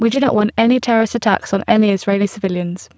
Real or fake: fake